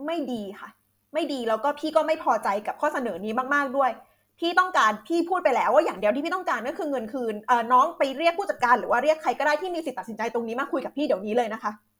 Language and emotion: Thai, angry